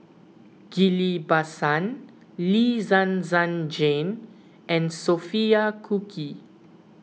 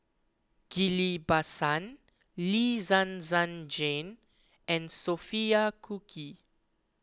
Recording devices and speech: mobile phone (iPhone 6), close-talking microphone (WH20), read sentence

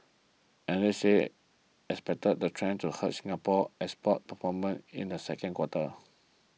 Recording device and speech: mobile phone (iPhone 6), read sentence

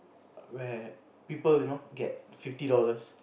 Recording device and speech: boundary microphone, conversation in the same room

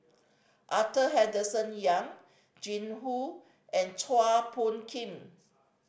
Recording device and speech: boundary microphone (BM630), read sentence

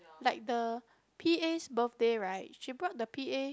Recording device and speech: close-talking microphone, conversation in the same room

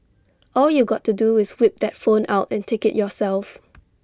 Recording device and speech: standing microphone (AKG C214), read sentence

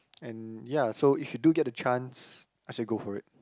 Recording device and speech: close-talking microphone, conversation in the same room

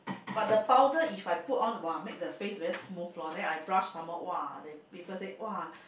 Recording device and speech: boundary microphone, conversation in the same room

